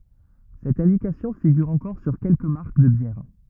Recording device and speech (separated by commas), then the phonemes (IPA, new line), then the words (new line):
rigid in-ear microphone, read sentence
sɛt ɛ̃dikasjɔ̃ fiɡyʁ ɑ̃kɔʁ syʁ kɛlkə maʁk də bjɛʁ
Cette indication figure encore sur quelques marques de bières.